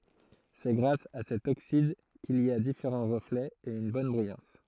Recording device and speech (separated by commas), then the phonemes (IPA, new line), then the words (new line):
throat microphone, read sentence
sɛ ɡʁas a sɛt oksid kil i a difeʁɑ̃ ʁəflɛz e yn bɔn bʁijɑ̃s
C'est grâce à cet oxyde qu'il y a différents reflets et une bonne brillance.